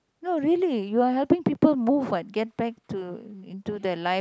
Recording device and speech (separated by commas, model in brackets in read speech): close-talking microphone, conversation in the same room